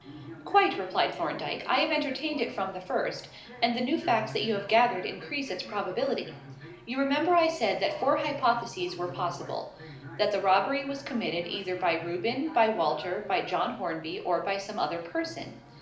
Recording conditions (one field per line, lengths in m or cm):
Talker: one person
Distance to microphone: 2.0 m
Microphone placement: close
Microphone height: 99 cm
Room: medium-sized (5.7 m by 4.0 m)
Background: television